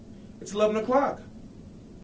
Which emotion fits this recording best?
happy